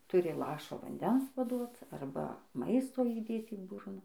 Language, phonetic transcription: Lithuanian, ˈturi ˈlašo vanˈdens paˈduot ˈarba ˈmaisto įˈdėt į ˈburna

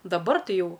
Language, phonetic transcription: Lithuanian, daˈbar ˈtai ˈjau

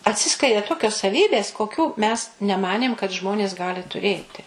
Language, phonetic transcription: Lithuanian, atˈsiskleidė ˈtokios saˈvybės koˈkių mes neˈmanėm kad ˈžmonės ˈgali tuˈrėti

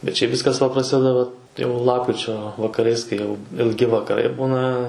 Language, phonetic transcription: Lithuanian, bet ˈšiaip ˈviskas va praˈsideda va jau ˈlapkričio vakaˈrais kai ˈjau ilˈgi vakaˈrai ˈbūna

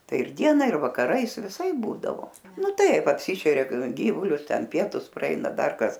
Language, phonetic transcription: Lithuanian, ˈtai ir ˈdiena ir vakaˈrais viˈsaip ˈbūdavo ˈnu ˈtaip apˈsyšeria ˈgyvulius ˈten ˈpietus praˈeina ˈdar ˈkas

